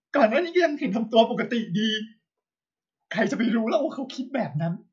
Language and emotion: Thai, sad